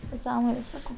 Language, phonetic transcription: Lithuanian, neˈsąmonės ˈsakau

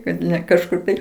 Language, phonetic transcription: Lithuanian, kad ne kažˈkur tai

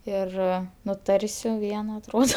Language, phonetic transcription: Lithuanian, ˈir nuˈtarsiu ˈviena atˈrodo

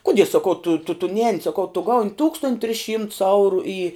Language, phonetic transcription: Lithuanian, ˈkudie saˈkau tu tu tu ˈnēni saˈkau tu ˈgaun' ˈtūkstont' tris ˈšymts ˈauru į

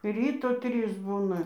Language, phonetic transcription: Lithuanian, ˈryto ˈtrys ˈbūna

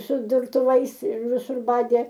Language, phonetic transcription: Lithuanian, su durtuˈvais ir viˈsur ˈbadė

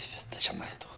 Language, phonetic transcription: Lithuanian, ˈbet tai žiˈnai ˈto

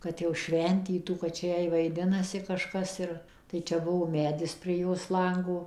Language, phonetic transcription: Lithuanian, ˌkad jau ˈšventytų kad ˈčia ˈjai vaiˈdinasi kaˈžkas ir tai ˈčia ˈbuvo ˈmedis prie ˈjos ˈlango

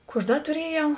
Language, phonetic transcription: Lithuanian, ˈkų aš ˈda tuˈriejau

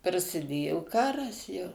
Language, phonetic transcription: Lithuanian, prasiˈdėjo ˈkaras jau

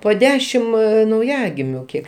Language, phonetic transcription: Lithuanian, po ˈdešim nauˈjagimiu ˈkiek

